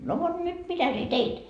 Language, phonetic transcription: Finnish, » no vot 'nyt , "mitä sie "teit ?
- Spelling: no vot nyt mitä sinä teit

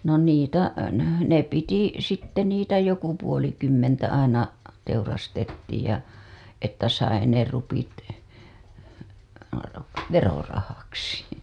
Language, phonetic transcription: Finnish, no 'niitä , ne piti , sitte 'niitä 'joku puolikymmentä aina , 'teurastettiij ja , että sai ne rupit , "verorahaksi .
- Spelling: no niitä ne piti sitten niitä joku puolikymmentä aina teurastettiin ja että sai ne rupit verorahaksi

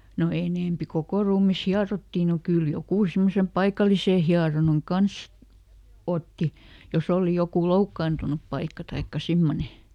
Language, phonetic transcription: Finnish, no ˈenèmpi "kokò ruumis "hiarottì no ˈkyl ˈjokù simmosem "paikalisè ˈhiaronan "kans , ˈotti , joˈs ‿òli ˈjokù "loukkaantunup ˈpaikka taikka ˈsimmone .
- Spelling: no enempi koko ruumis hierottiin no kyllä joku semmoisen paikallisen hieronnan kanssa otti jos oli joku loukkaantunut paikka tai semmoinen

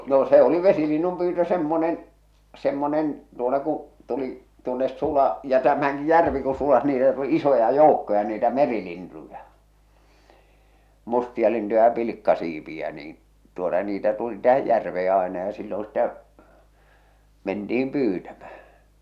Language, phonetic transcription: Finnish, no se oli "vesilinnum pyytö "semmonen , "semmonen , tuota ku , tuli , tuonnes 'sula ja tämäŋki 'järvi ku sulas niitä tuli 'isoja "jòukkoja niitä "merilintuja , 'mustialintuja ja 'pilikkasiipi₍ä niin , tuota niitä tuli 'tähäj 'järvee aena ja 'silloo̰ sⁱtä , 'menti₍im 'pyytämᴀ̈h̬ᴀ̈ .
- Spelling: no se oli vesilinnun pyytö semmoinen semmoinen tuota kun tuli tuonne sula ja tämänkin järvi kun suli niitä tuli isoja joukkoja niitä merilintuja mustialintuja ja pilkkasiipiä niin tuota niitä tuli tähän järveen aina ja silloin sitä mentiin pyytämään

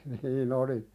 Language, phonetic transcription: Finnish, nii"n ‿oli(s) .
- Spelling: niin olisi

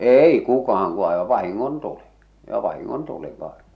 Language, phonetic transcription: Finnish, èi 'kukahaŋ ku àeva 'vahiŋŋon'tuli , ʲ° 'vahiŋŋon'tuli vaᴇɴ .
- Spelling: ei kukaan kun aivan vahingontuli jo vahingontuli vain

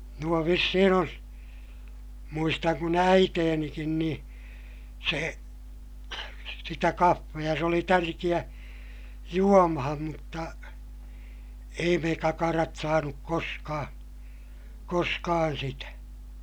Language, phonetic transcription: Finnish, nuo vissihin ‿on , muistaŋ kun äiteenikin nii , se , sitä kaffeja se oli tärkiʲä , juomaham mutta , ei me kakarat saanuk koskaa , koskaan sitä .
- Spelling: nuo vissiin on muistan kun äitinikin niin se sitä kahvia se oli tärkeä juomaan mutta ei me kakarat saanut koskaan koskaan sitä

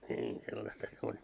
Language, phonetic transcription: Finnish, ńiin , sellasta se oĺ .
- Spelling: niin sellaistahan se oli

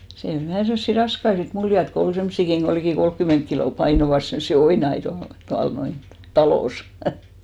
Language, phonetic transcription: Finnish, sii'n ‿ol vähä̀ 'semssi "raskai sit 'muljat ko 'ol 'semssikiŋ ɢo likì 'kolkkyment kilò 'painovas semssi "oinai tual , tual noin , "talòs .
- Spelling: siinä oli vähän semmoisia raskaita sitten muljata kun oli semmoisiakin kun liki kolmekymmentä kiloa painoivat semmoisia oinaita tuolla tuolla noin talossa

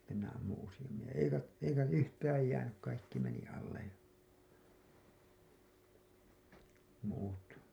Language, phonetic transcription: Finnish, (sitte) minä ammuṵ usiʲammij ja 'eikä , 'eikä 'yhtääj 'jäänyk kaikki meni alle , muut .
- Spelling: sitten minä ammuin useammin ja eikä eikä yhtään jäänyt kaikki meni alle muut

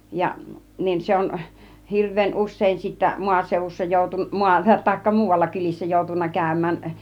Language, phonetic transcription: Finnish, 'jaˀ , nin 'se on , 'hirv̆veen 'us̆sèin sittä , 'maasèuvussa jòutu- , 'maa- , taikka 'muuvalla kylissä 'jòutunna 'kä̀ym̆mään ,.
- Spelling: ja niin se on hirveän usein sitten maaseudussa - - tai muualla kylissä joutunut käymään

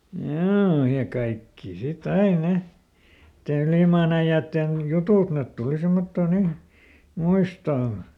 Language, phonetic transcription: Finnish, ˈjoo , ja ˈkaikkì sit ˈai "ne , nⁱtte ˈylìmaan ‿äiʲäätten , ˈjutùt net ˈtuli ˈsimmottoo ˈnin̬ , "muistoon̬ .
- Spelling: joo ja kaikki sitten aina ne niiden ylimaan äijien jutut ne tuli semmottoon niin muistoon

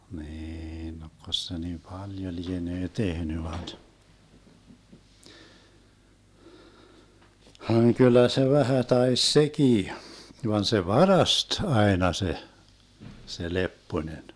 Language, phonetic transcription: Finnish, 'niin 'nokkos se ni "paljo 'lienee 'tehny vait , haŋ 'kyl̆lä se 'vähä 'tais "sekii , 'van se "varast 'aena 'se , 'se "Lepponen .
- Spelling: niin tokko se niin paljon lienee tehnyt vai vaan kyllä se vähän taisi sekin vaan se varasti aina se se Lepponen

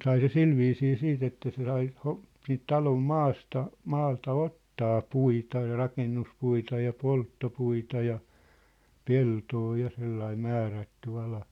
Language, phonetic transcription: Finnish, sai se "silviisii "siit ‿että se sai , ho- , siint 'talom "maasta , 'maalta "ottaa "puita ja "rakennus'puita ja "poltto'puita ja , "peltoo ja sellaim̆ 'määrätty 'ala .
- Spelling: sai se sillä viisiin sitten että se sai - siitä talon maasta maalta ottaa puita ja rakennuspuita ja polttopuita ja peltoa ja sellainen määrätty ala

